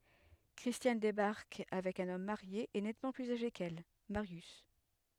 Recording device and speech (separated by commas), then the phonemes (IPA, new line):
headset microphone, read sentence
kʁistjan debaʁk avɛk œ̃n ɔm maʁje e nɛtmɑ̃ plyz aʒe kɛl maʁjys